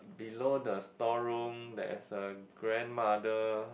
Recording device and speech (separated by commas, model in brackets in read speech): boundary microphone, conversation in the same room